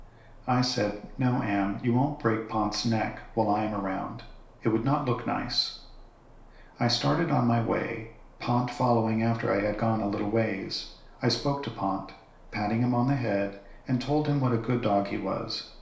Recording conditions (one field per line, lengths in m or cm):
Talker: one person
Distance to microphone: 1.0 m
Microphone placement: close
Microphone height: 1.1 m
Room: small (3.7 m by 2.7 m)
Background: none